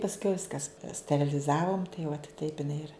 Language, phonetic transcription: Lithuanian, pasˈkiau ˈviskas steriliˈzavom tai uat taip iˈnai ir

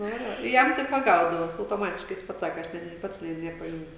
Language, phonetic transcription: Lithuanian, ˈnu ir ˈva ˈjam taip ˈva ˈgaudavos autoˈmatiškai jis ˈpats ˈsaka ˈaš ˈnet nė ˈpats ˈne nepaˈjuntu

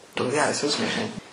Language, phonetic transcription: Lithuanian, ˈtoks ˈgeras ˈjausmas žiˈnai

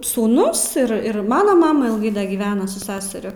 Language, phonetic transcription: Lithuanian, sūˈnus irˈ ir ˈmano ˈmama ilˈgai da gyˈvena su ˈseseriu

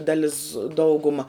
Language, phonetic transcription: Lithuanian, daˈlis ˈdauguma

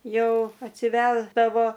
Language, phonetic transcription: Lithuanian, ˈjau atsiˈvesdavo

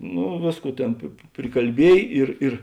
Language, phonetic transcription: Lithuanian, ˈnu ˈvėsˌkų ˈtėn pi prikalˈbiej ˈir ir

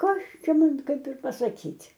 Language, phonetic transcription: Lithuanian, ˈkas ˈčia ˈman ˈkaip ir pasaˈkyt'

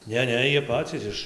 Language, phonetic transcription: Lithuanian, ˈne ˈne ˈjie ˈpacys iš

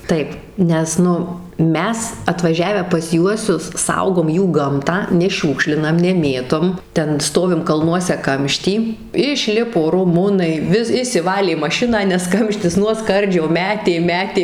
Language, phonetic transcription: Lithuanian, ˈtaip ˈnes ˈnu ˈmes atvaˈžiavę pas ˈjuosius ˈsaugom ˈjų ˈgamtą neˈšiūkšlinam neˈmėtom ˈten ˈstovim kalˈnuose ˈkamšty išˈlipo ruˈmunai ˈvis išsiˈvalė maˈšiną nes ˈkamštis nuo ˈskardžio ˈmetė ˈmetė

